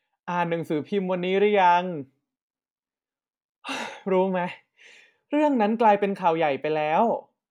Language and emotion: Thai, frustrated